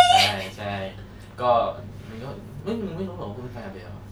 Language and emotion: Thai, happy